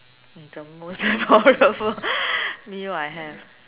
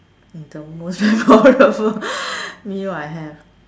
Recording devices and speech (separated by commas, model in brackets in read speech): telephone, standing microphone, conversation in separate rooms